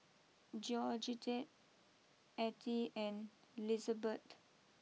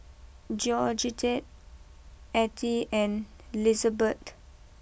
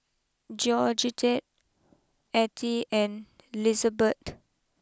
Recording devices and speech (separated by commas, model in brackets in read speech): mobile phone (iPhone 6), boundary microphone (BM630), close-talking microphone (WH20), read sentence